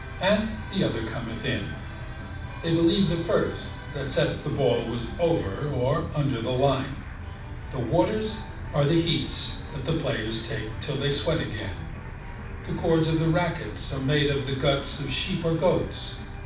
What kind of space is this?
A moderately sized room (about 5.7 m by 4.0 m).